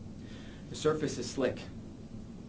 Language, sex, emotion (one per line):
English
male
neutral